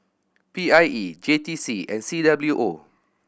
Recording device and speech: boundary microphone (BM630), read sentence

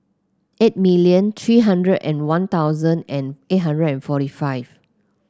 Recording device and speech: close-talking microphone (WH30), read sentence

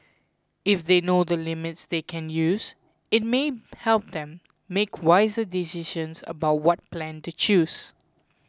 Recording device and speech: close-talking microphone (WH20), read sentence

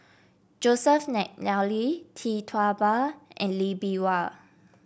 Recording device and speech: boundary microphone (BM630), read sentence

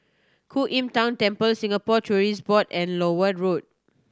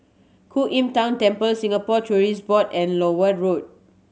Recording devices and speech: standing microphone (AKG C214), mobile phone (Samsung C7100), read sentence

